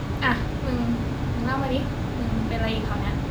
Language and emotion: Thai, frustrated